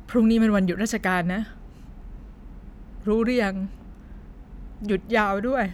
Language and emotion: Thai, sad